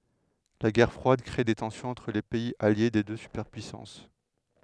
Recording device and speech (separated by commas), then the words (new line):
headset microphone, read sentence
La Guerre froide crée des tensions entre les pays alliés des deux superpuissances.